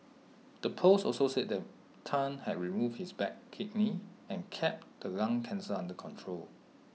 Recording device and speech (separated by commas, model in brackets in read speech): mobile phone (iPhone 6), read sentence